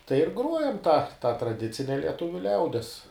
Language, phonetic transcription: Lithuanian, tai ir ˈgruojam tą ta traˈdicine lieˈtuviu ˈliaudies

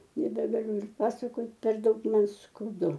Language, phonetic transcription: Lithuanian, nebegaˈliu ir ˈpasakot per ˈdaug ˈman skauˈdu

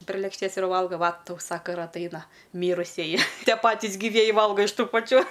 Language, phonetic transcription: Lithuanian, prė lėkšˈtės ir ˈvalga ˈva ˈtau ˈsaka ir atˈaina ˈmyrusieji ˈtie ˈpatis gyˈvieji ˈvalga iš ˈtų paˈčių

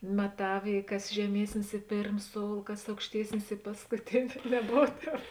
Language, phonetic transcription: Lithuanian, maˈtav i ˈkas žeˈmiesnis i ˈpėrm ˈsoul ˈkas aukšˈtiesnis i paskuˈtini neˈbov ˈtēp

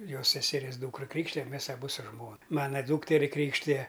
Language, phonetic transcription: Lithuanian, ˈjos seseˈries ˈdūkra ˈkrykštijam ˈmes aˈbu su ˈžmona ˈmana ˈdūkteri ˈkrykštija

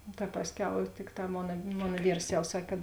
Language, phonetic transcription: Lithuanian, no ta ˈpasˌkiau ˈtikˌtā ˈmona ˈmona ˈvyrs jau ˈsak' kad

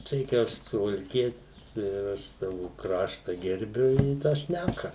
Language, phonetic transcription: Lithuanian, ˈtai kai ˈaš suvalˈkietis ir ˈaš ˈsavu ˈkrašta gerˈbiu i tą ˈšnæka

